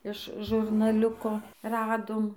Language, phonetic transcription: Lithuanian, iš žurnaˈliuko ˈradom

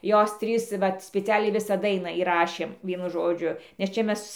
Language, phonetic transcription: Lithuanian, ˈjos ˈtrys ˈvat spiˈcialiai ˈvisą ˈdainą įˈrašėm ˈvienu ˈžodžiu nes ˈčia ˈmes

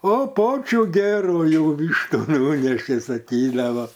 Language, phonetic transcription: Lithuanian, o ˈpočių ˈgerųjų ˈvyštu ˈnunešė saˈkydavo

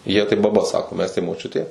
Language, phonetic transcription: Lithuanian, jie tai baˈba ˈsako ˈmes tai moˈčiutė

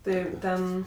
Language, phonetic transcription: Lithuanian, ˈtɜ ˈten

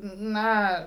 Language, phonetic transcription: Lithuanian, ˈna

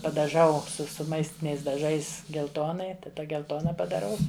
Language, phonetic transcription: Lithuanian, padaˈžau su su ˈmaistiniais daˈžais gelˈtonai taˈda gelˈtona padaˈrau

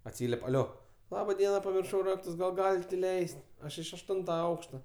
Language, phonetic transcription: Lithuanian, atˈsyliep' aˈlio ˈlaba ˈdiena pamirˈšau ˈraktus gal ˈgalit' iˈleis't' ˈaš iš ašˈtunta ˈaukšta

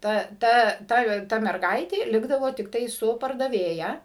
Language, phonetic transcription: Lithuanian, ˈta ˈta ˈta ˈta merˈgaitė ˈlikdavo tikˈtai ˈsu pardaˈvėja

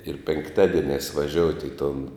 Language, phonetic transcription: Lithuanian, ir penkˈtadieniās vaˈžiouti i tun

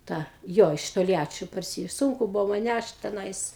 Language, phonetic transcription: Lithuanian, ˈtą ˈjo iš tolˈjačio parˈsi ˈsunku ˈbūvo man ˈnæšt teˈnais

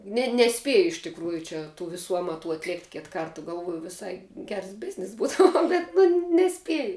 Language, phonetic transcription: Lithuanian, ˈne neˈspėju iš tikˈrųju ˈčia tų viˈsų ˈamatų atˈlėkt' ˈkit ˈkarta galˈvuoju viˈsai ˈgers ˈbiznis ˈbūto ˈnu bet nu neˈspieju

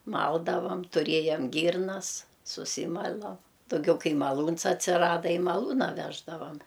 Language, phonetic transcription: Lithuanian, ˈmaldavam tuˈrėjam ˈgyrnas suˈsymala dauˈgiau ˈkai maˈlūns atsiˈrada i maˈlūna ˈveždavam

